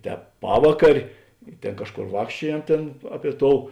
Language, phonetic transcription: Lithuanian, ˈtēp ˈpavakarė i ˈtėn ˈkažˌkor ˈvākščiuojem ˈtėn ˈaˌpie ˈtou

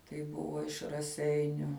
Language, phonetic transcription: Lithuanian, tai ˈbuvo iš raˈseiniu

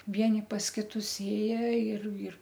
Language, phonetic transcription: Lithuanian, ˈvieni pas ˈkitus ˈėja ir ir

